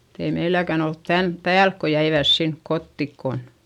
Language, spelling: Finnish, mutta ei meilläkään ollut tämän päälle kun jäivät sinne kotiin kun
- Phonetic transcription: (mut)t ‿ei meiläkän ‿olt tämp päälk ko jäivä̀s sink kottik kon ,.

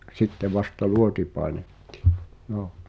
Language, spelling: Finnish, sitten vasta luoti painettiin
- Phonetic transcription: 'sitte vasta "luoti 'pàenettɪ̳ .

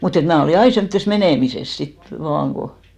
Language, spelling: Finnish, mutta että minä olin aina semmoisessa menemisessä sitten vain kun
- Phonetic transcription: mut ‿et 'mnä̀ olì "ai semttes "menèmises 'sit , vaaŋ , ko ,.

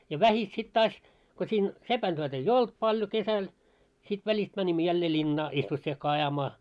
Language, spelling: Finnish, ja vähitellen sitten taas kun siinä sepäntyöt ei ollut paljon kesällä sitten välistä menimme jälleen linnaan isvossikkaa ajamaan
- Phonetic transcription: ja 'vähit sit 'taas , ko śiin , "sepän'työt ‿ei"j ‿olt paljo 'kesäl , sit 'väĺist mäńimmö jällee 'ĺinnaa , 'isvossiekkaa ajamaa .

